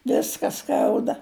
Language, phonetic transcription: Lithuanian, ˈviska ˈskauda

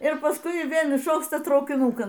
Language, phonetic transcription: Lithuanian, ir paˈskui ˈvėl išokˈsta traukiˈnūkan

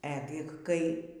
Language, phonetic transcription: Lithuanian, ˈegik kai

